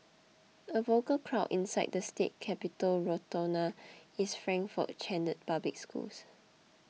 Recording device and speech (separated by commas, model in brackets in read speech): mobile phone (iPhone 6), read sentence